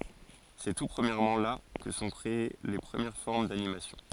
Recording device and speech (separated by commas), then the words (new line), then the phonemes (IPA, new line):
forehead accelerometer, read sentence
C'est tout premièrement là que se sont créées les premières formes d'animation.
sɛ tu pʁəmjɛʁmɑ̃ la kə sə sɔ̃ kʁee le pʁəmjɛʁ fɔʁm danimasjɔ̃